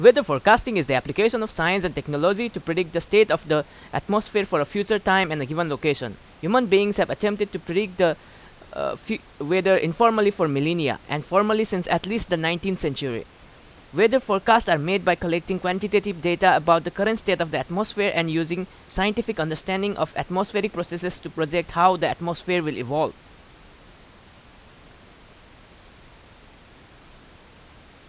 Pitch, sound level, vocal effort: 180 Hz, 90 dB SPL, very loud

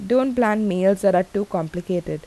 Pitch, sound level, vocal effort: 195 Hz, 83 dB SPL, normal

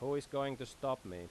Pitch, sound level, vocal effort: 130 Hz, 89 dB SPL, loud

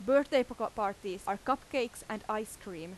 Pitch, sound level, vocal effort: 215 Hz, 89 dB SPL, loud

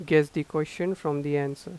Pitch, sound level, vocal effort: 155 Hz, 87 dB SPL, normal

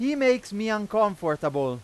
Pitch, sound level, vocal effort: 210 Hz, 99 dB SPL, very loud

